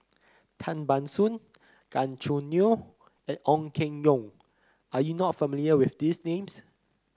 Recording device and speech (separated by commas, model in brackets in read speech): close-talking microphone (WH30), read sentence